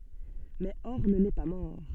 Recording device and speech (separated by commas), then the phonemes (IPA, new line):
soft in-ear microphone, read sentence
mɛ ɔʁn nɛ pa mɔʁ